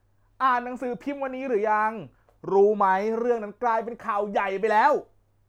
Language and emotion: Thai, happy